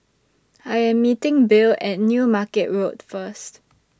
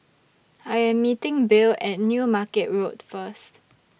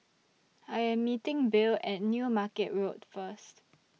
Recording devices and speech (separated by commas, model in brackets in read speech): standing microphone (AKG C214), boundary microphone (BM630), mobile phone (iPhone 6), read sentence